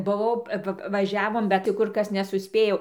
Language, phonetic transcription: Lithuanian, buˈvau ˈva vaˈžiavom bet ti ˈkur ˈkas nesuˈspėjau

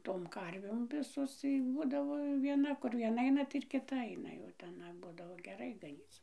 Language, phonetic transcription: Lithuanian, tom ˈkarvėm ˈvisos ˈbūdavo vieˈna ˈkur vieˈna ˈaina tai ir kiˈta aina jau teˈna ˈbudavo geˈrai gaˈnyc

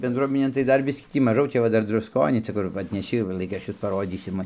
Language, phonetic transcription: Lithuanian, bendˈruominėn tai ˈdar ˈbiskį ˈtį maˈžau ˈčia va ˈdar drusˈkonį ˈcia kur atneˈši va ˈlaikraščius paˈrodysim

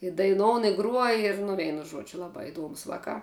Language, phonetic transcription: Lithuanian, i daiˈnoun i gruoj ir nu ˈveinu ˈžuodžiu ˈlabā iˈduomus ˈvakā

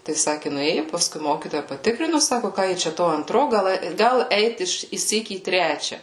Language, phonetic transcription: Lithuanian, tai ˈsaki nuˈėju paˈskui ˈmokytoja paˈtikrinu ˈsako ˈką ji čia ˈto anˈtro ˈgal ˈgal ˈeit ˈiš išˈsyk į ˈtrečia

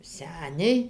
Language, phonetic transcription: Lithuanian, ˈseniai

